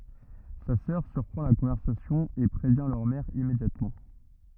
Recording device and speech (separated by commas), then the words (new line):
rigid in-ear microphone, read sentence
Sa sœur surprend la conversation et prévient leur mère immédiatement.